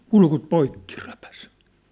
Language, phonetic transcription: Finnish, 'kulkut "poikki repäs .
- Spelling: kurkut poikki repäisi

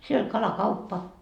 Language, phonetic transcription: Finnish, siel ‿oĺ "kalakauppa .
- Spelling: siellä oli kalakauppa

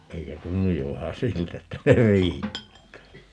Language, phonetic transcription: Finnish, 'eikö "tunnuj jo 'vähä "siltä että 'se "riittää ?
- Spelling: eikö tunnu jo vähän siltä että se riittää

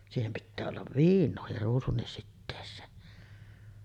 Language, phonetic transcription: Finnish, siihem pittää ollav "viin̆noohir 'ruusunnis sittees̆seen .
- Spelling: siihen pitää olla viinaakin ruusunkin siteeseen

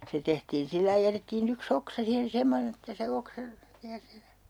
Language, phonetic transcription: Finnish, 'se tehtiin 'sillai 'jätettii'n ‿yk"s ‿oksa siihen 'semonen ‿että se 'oksa , (jää sihe) .
- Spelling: se tehtiin sillä lailla jätettiin yksi oksa siihen semmoinen että se oksa jää siihen

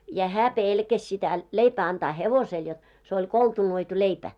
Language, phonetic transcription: Finnish, ja 'hää "pèlkäs sitä , 'leipää antaa "hevosel jot , se oĺ "koltunoitu 'leipä .
- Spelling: ja hän pelkäsi sitä leipää antaa hevoselle jotta se oli koltunoitu leipä

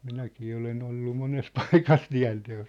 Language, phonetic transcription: Finnish, 'minäkii olen ‿ollu 'mones "paikas 'tiä̭nte₍os .
- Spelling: minäkin olen ollut monessa paikassa tienteossa

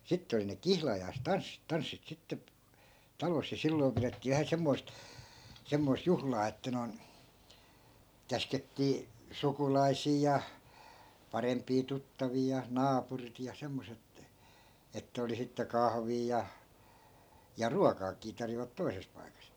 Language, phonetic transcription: Finnish, 'sitt ‿oli ne "kihlajais'tanssit 'tanssit sitte (p-) , 'talos ja 'silloi̮m pirettii vähä 'semmoi̮st , semmoi̮sᵗ 'juhlaa että noi̮n , 'käskettii , "sukulai̮sii ja , 'parempii 'tuttavii ja "naapurit ja 'semmoset ‿(että) , 'ettᵃ̈ oli 'sitte 'kahvii ja , ja "ruakaakii 'tarjovat 'toises paikas .
- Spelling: sitten oli ne kihlajaistanssit tanssit sitten - talossa ja silloin pidettiin vähän semmoista semmoista juhlaa että noin käskettiin sukulaisia ja parempia tuttavia ja naapurit ja semmoiset että että oli sitten kahvia ja ja ruokaakin tarjosivat toisessa paikassa

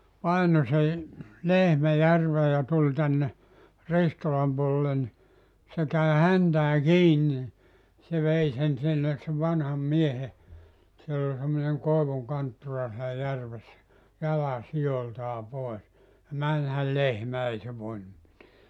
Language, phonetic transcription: Finnish, 'paino se , "lehmä 'järvee ja 'tuĺ 'tänne , 'Ristolam puolᵉllen ni , 'se käi 'häntää "kiin ni , se 'vei sen sinnes se 'vanham 'miehe , 'siell ‿ol semmoneŋ 'koevuŋ 'kanttura sielä 'järvessä , 'jala 'sijoltaa 'poes , ja 'mänhäl "lehmä 'ei se 'voinum miteä .
- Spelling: painoi sen lehmän järveen ja tuli tänne Ristolan puolelle niin se kävi häntään kiinni niin se vei sen sinne sen vanhan miehen siellä oli semmoinen koivun kanttura siellä järvessä jalan sijoiltaan pois ja menihän lehmä ei se voinut mitään

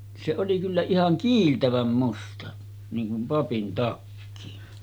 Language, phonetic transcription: Finnish, se oli kyllä 'ihaŋ "kiiltäväm 'musta , niiŋ kum 'papin takki .
- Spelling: se oli kyllä ihan kiiltävän musta niin kuin papin takki

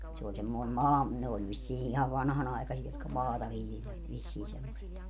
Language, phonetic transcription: Finnish, se oĺ semmoin 'maa- , ne oĺ vissii ihav 'vanhanaikasi₍a jotka "maata 'viljelvät vissii semmoset .
- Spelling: se oli semmoinen - ne oli vissiin ihan vanhanaikaisia jotka maata viljelivät vissiin semmoiset

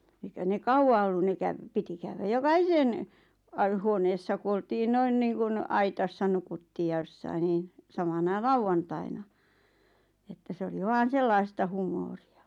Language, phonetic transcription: Finnish, 'eikä ne "kauʷa ollu ne käv- , 'piti käywä 'joka"hisen , a- 'huoneessa ku oltii 'noin 'niiŋkun , 'aitassa nukuttii ja 'ʲossain niin̬ , 'samana "lauvvantaina , että 'se oli 'vaan̬ "sellaista humooria .
- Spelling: eikä ne kauaa ollut ne - piti käydä jokaisen - huoneessa kun oltiin noin niin kuin aitassa nukuttiin ja jossakin niin samana lauantaina että se oli vain sellaista huumoria

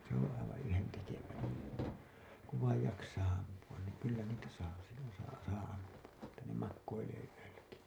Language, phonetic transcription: Finnish, se ‿oo̰ aivaa̰ 'yhentekevää , kuv vaij 'jaksaa ampu₍an niiŋ kyllä niitä saa , sillon̬ saa , saa 'ampu₍a , että ne makkoilee yölläki .
- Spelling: se on aivan yhdentekevää kun vain jaksaa ampua niin kyllä niitä saa silloin saa saa ampua että ne makoilee yölläkin

